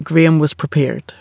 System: none